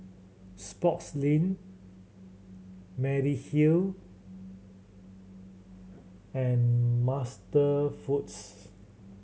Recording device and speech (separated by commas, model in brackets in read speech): mobile phone (Samsung C7100), read sentence